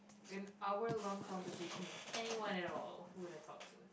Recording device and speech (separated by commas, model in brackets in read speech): boundary microphone, conversation in the same room